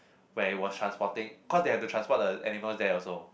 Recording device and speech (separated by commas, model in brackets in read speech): boundary microphone, conversation in the same room